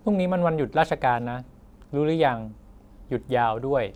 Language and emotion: Thai, neutral